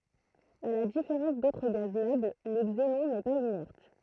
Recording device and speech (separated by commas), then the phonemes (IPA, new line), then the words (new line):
throat microphone, read sentence
a la difeʁɑ̃s dotʁ ɡaz nɔbl lə ɡzenɔ̃ nɛ paz inɛʁt
À la différence d'autres gaz nobles, le xénon n'est pas inerte.